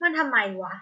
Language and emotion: Thai, frustrated